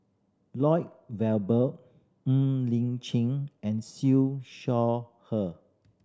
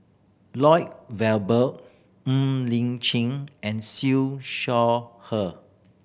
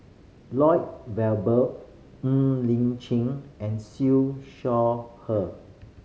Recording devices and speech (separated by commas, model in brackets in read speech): standing microphone (AKG C214), boundary microphone (BM630), mobile phone (Samsung C5010), read sentence